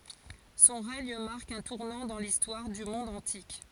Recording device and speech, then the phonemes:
forehead accelerometer, read sentence
sɔ̃ ʁɛɲ maʁk œ̃ tuʁnɑ̃ dɑ̃ listwaʁ dy mɔ̃d ɑ̃tik

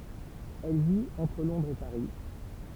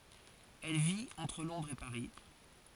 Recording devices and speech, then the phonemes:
temple vibration pickup, forehead accelerometer, read sentence
ɛl vit ɑ̃tʁ lɔ̃dʁz e paʁi

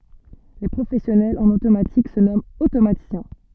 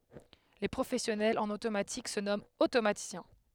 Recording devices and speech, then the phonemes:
soft in-ear microphone, headset microphone, read sentence
le pʁofɛsjɔnɛlz ɑ̃n otomatik sə nɔmɑ̃t otomatisjɛ̃

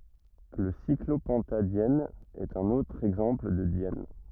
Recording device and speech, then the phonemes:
rigid in-ear microphone, read sentence
lə siklopɑ̃tadjɛn ɛt œ̃n otʁ ɛɡzɑ̃pl də djɛn

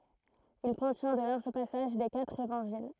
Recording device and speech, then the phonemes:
throat microphone, read sentence
il kɔ̃tjɛ̃ də laʁʒ pasaʒ de katʁ evɑ̃ʒil

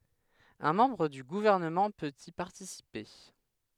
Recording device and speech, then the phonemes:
headset microphone, read sentence
œ̃ mɑ̃bʁ dy ɡuvɛʁnəmɑ̃ pøt i paʁtisipe

